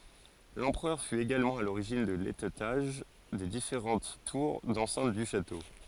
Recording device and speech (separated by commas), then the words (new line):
forehead accelerometer, read sentence
L'empereur fut également à l'origine de l'étêtage des différentes tours d'enceinte du château.